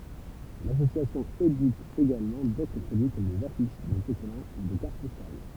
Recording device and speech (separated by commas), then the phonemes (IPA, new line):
temple vibration pickup, read sentence
lasosjasjɔ̃ edit eɡalmɑ̃ dotʁ pʁodyi kɔm dez afiʃ dez otokɔlɑ̃ u de kaʁt pɔstal